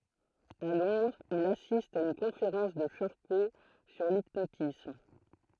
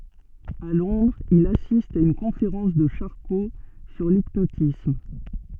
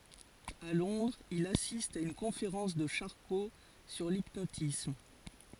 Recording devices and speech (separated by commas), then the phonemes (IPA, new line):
throat microphone, soft in-ear microphone, forehead accelerometer, read sentence
a lɔ̃dʁz il asist a yn kɔ̃feʁɑ̃s də ʃaʁko syʁ lipnotism